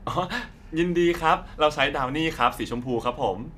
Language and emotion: Thai, happy